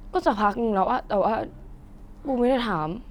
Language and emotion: Thai, sad